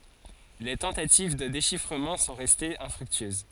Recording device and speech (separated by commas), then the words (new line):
forehead accelerometer, read sentence
Les tentatives de déchiffrement sont restées infructueuses.